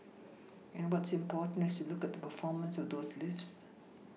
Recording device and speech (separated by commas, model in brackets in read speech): mobile phone (iPhone 6), read sentence